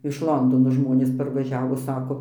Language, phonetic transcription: Lithuanian, iš ˈlondono ˈžmonės parvaˈžiavo ˈsako

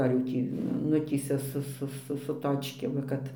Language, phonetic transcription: Lithuanian, ar jau ˈtį ˈnutįsia su ˈsu ˈsu su ˈtočkėm va ˈkad

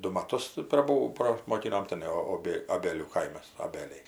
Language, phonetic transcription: Lithuanian, ˈdu maˈtus praˈbū prasmoˈkinom tiˈnai oˈbė aˈbėlių ˈkaimas oˈbėliai

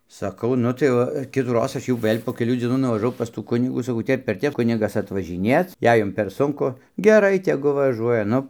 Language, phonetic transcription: Lithuanian, saˈkau ˈnu tai ˈva kitųˈroz ˈaš jau ˈvɘl' po keˈlių dzieˈnų nuvažaˈvau pas tų ˈkunigų saˈkau ˈtep ir ˈtep ˈkunigas atvažiˈnėc ˈjei ˈjum per ˈsunku geˈrai teˈgu vaˈžuoja ˈnu

